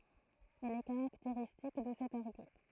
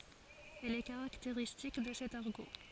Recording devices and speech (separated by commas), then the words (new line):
throat microphone, forehead accelerometer, read sentence
Elle est caractéristique de cet argot.